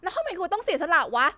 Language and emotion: Thai, angry